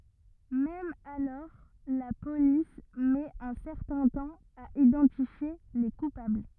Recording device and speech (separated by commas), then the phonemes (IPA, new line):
rigid in-ear microphone, read sentence
mɛm alɔʁ la polis mɛt œ̃ sɛʁtɛ̃ tɑ̃ a idɑ̃tifje le kupabl